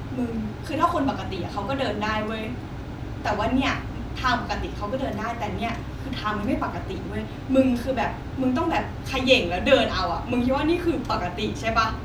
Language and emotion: Thai, frustrated